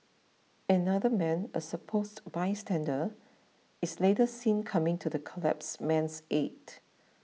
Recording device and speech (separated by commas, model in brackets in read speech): mobile phone (iPhone 6), read sentence